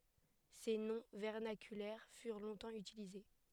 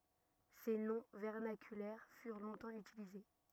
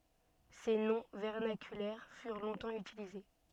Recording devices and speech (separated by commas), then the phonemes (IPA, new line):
headset microphone, rigid in-ear microphone, soft in-ear microphone, read sentence
se nɔ̃ vɛʁnakylɛʁ fyʁ lɔ̃tɑ̃ ytilize